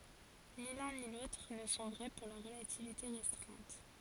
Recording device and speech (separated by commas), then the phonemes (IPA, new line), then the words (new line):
forehead accelerometer, read sentence
ni lœ̃ ni lotʁ nə sɔ̃ vʁɛ puʁ la ʁəlativite ʁɛstʁɛ̃t
Ni l'un ni l'autre ne sont vrais pour la relativité restreinte.